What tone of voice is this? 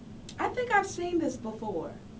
neutral